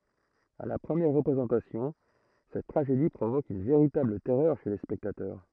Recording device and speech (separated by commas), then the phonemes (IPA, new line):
throat microphone, read sentence
a la pʁəmjɛʁ ʁəpʁezɑ̃tasjɔ̃ sɛt tʁaʒedi pʁovok yn veʁitabl tɛʁœʁ ʃe le spɛktatœʁ